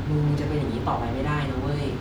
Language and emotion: Thai, frustrated